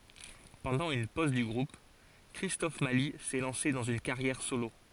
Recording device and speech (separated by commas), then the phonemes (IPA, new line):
forehead accelerometer, read sentence
pɑ̃dɑ̃ yn poz dy ɡʁup kʁistɔf mali sɛ lɑ̃se dɑ̃z yn kaʁjɛʁ solo